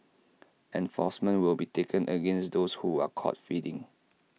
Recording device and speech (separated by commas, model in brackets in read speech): mobile phone (iPhone 6), read sentence